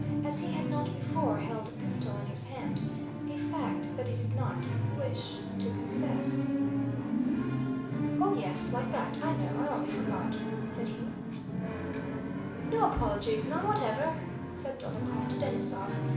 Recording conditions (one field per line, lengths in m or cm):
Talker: one person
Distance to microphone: 5.8 m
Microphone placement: far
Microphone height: 1.8 m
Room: medium-sized (5.7 m by 4.0 m)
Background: television